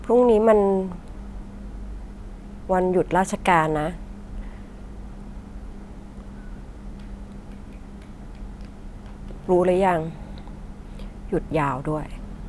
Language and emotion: Thai, frustrated